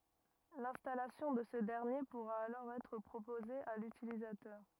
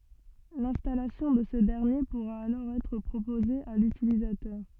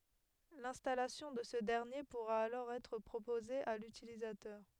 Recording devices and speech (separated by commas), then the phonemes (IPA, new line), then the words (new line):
rigid in-ear microphone, soft in-ear microphone, headset microphone, read sentence
lɛ̃stalasjɔ̃ də sə dɛʁnje puʁa alɔʁ ɛtʁ pʁopoze a lytilizatœʁ
L'installation de ce dernier pourra alors être proposée à l'utilisateur.